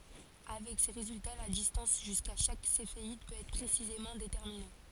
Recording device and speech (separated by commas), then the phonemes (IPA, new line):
forehead accelerometer, read sentence
avɛk se ʁezylta la distɑ̃s ʒyska ʃak sefeid pøt ɛtʁ pʁesizemɑ̃ detɛʁmine